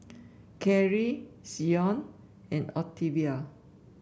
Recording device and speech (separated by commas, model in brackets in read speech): boundary microphone (BM630), read sentence